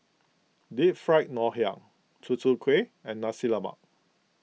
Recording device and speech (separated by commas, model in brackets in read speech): mobile phone (iPhone 6), read sentence